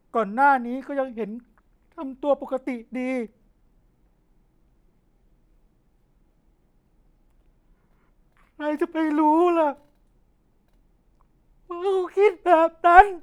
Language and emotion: Thai, sad